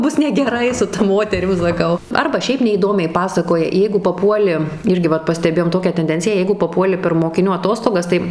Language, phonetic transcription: Lithuanian, ˈbus negeˈrai su ta ˈmoterim saˈkau ˈarba ˈšiaip neįˈdomiai ˈpasakoja ˈjeigu paˈpuoli ˈirgi ˈvat pasteˈbėjom ˈtokią tenˈdenciją ˈjeigu paˈpuoli per mokiˈnių aˈtostogas ˈtai

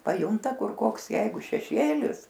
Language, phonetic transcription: Lithuanian, paˈjunta ˈkur ˈkoks ˈjeigu šeˈšėlis

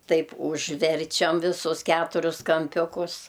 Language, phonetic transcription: Lithuanian, ˈtaip užˈverčiam viˈsus ˈketurius kamˈpiukus

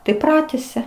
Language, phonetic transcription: Lithuanian, tai ˈpratesia

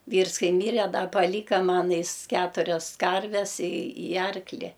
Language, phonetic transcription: Lithuanian, ˈvyrs ˈkai ˈmyre ˈda paˈlyka ˈman ˈjis ˈketurias ˈkarves i i ˈarkli

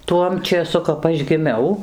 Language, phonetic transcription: Lithuanian, ˈtuom čėˈsu kap ˈaš giˈmiau

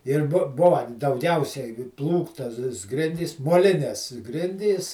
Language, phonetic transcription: Lithuanian, ir ˈbu ˈbuva dauˈgiausiai ˈplūktas ˈgrindys moˈlines ˈgrindys

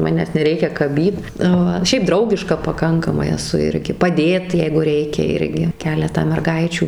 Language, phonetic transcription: Lithuanian, ˈmanęs neˈreikia kaˈbyt ˈva ˈšiaip ˈdraugiška paˈkankamai eˈsu ˈirgi paˈdėt ˈjeigu ˈreikia ˈirgi ˈkeletą merˈgaičių

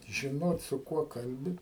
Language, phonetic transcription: Lithuanian, žiˈnot su ˈkuo ˈkalbi

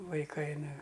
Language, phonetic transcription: Lithuanian, vaiˈkai ˈnu

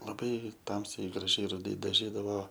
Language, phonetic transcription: Lithuanian, laˈbai ˈtamsiai graˈžiai ruˈdai daˈžydavo

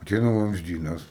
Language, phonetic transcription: Lithuanian, aˈteina vamzˈdynas

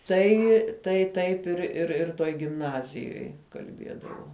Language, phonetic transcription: Lithuanian, ˈtai tai ˈtaip ir ir ir ˈtoj gimˈnazijoj kalˈbiedavo

